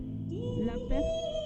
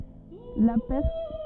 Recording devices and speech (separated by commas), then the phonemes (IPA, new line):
soft in-ear microphone, rigid in-ear microphone, read sentence
la pɛʁ